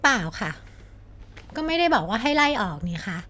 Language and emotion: Thai, frustrated